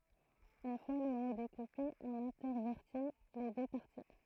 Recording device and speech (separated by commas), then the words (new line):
throat microphone, read sentence
Une fois le mot découpé, on intervertit les deux parties.